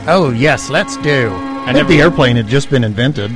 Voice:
mocking narrator voice